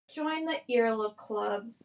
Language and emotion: English, sad